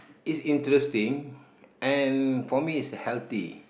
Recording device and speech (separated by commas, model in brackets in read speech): boundary microphone, conversation in the same room